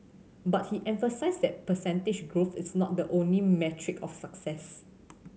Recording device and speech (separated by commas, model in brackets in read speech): mobile phone (Samsung C7100), read sentence